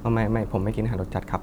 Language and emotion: Thai, neutral